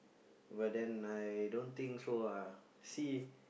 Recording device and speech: boundary microphone, conversation in the same room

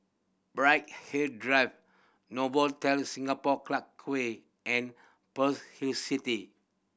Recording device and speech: boundary microphone (BM630), read sentence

